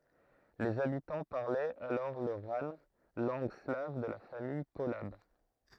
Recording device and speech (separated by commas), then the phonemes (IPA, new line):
throat microphone, read sentence
lez abitɑ̃ paʁlɛt alɔʁ lə ʁan lɑ̃ɡ slav də la famij polab